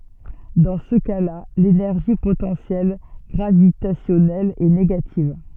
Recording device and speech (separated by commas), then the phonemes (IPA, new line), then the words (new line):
soft in-ear microphone, read sentence
dɑ̃ sə kasla lenɛʁʒi potɑ̃sjɛl ɡʁavitasjɔnɛl ɛ neɡativ
Dans ce cas-là, l'énergie potentielle gravitationnelle est négative.